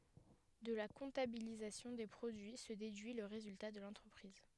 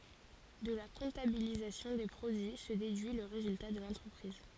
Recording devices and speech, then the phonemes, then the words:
headset microphone, forehead accelerometer, read sentence
də la kɔ̃tabilizasjɔ̃ de pʁodyi sə dedyi lə ʁezylta də lɑ̃tʁəpʁiz
De la comptabilisation des produits se déduit le résultat de l'entreprise.

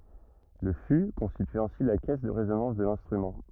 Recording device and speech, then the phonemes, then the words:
rigid in-ear microphone, read sentence
lə fy kɔ̃stity ɛ̃si la kɛs də ʁezonɑ̃s də lɛ̃stʁymɑ̃
Le fût constitue ainsi la caisse de résonance de l'instrument.

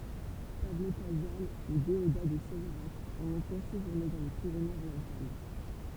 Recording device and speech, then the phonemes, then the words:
temple vibration pickup, read sentence
pablo kazal u deoda də sevʁak ɔ̃ lɔ̃tɑ̃ seʒuʁne dɑ̃ le piʁenez oʁjɑ̃tal
Pablo Casals ou Déodat de Séverac ont longtemps séjourné dans les Pyrénées-Orientales.

